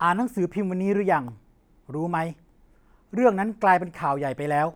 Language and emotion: Thai, frustrated